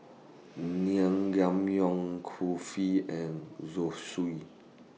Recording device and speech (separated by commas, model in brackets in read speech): mobile phone (iPhone 6), read sentence